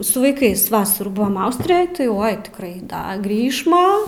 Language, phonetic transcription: Lithuanian, su vaiˈkais ˈvasarų ˈbuvam ˈaustrijoj tai ˈoi tikˈrai ˈda ˈgrįšma

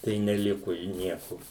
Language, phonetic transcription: Lithuanian, tai neˈliku i ˈnieku

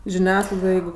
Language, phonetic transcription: Lithuanian, žiˈniasklaidoj ˈjeigu

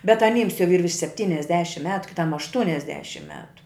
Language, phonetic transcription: Lithuanian, bet aˈnyms jau yr virš sepˈtyniasdešim ˈmetu kiˈtam ašˈtuniasdešim ˈmetu

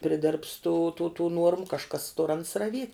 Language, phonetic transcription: Lithuanian, priˈdirbs tų tų tų ˈnuormu kažˈkas tur ans raˈviet'

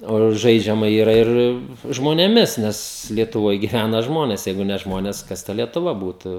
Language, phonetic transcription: Lithuanian, o ˈžaidžiama yˈra ˈir žmonėˈmis ˈnes lietuˈvoj giˈvæna ˈžmones ˈjeigu ne ˈžmones ˈkas ta lietuˈva ˈbūtu

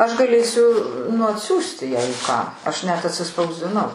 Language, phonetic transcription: Lithuanian, ˈaš gaˈlėsiu nu atˈsiųsti jei ką ˈaš net atsispausdiˈnau

